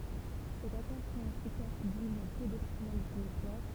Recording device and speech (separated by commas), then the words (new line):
temple vibration pickup, read sentence
Cet accord fit ensuite tache d'huile dans tout le département du Finistère.